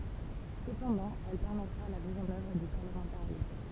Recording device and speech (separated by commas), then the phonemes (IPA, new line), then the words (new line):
temple vibration pickup, read sentence
səpɑ̃dɑ̃ ɛl pɛʁmɛtʁa la miz ɑ̃n œvʁ dy paʁləmɑ̃taʁism
Cependant, elle permettra la mise en œuvre du parlementarisme.